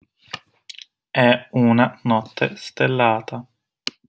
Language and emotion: Italian, neutral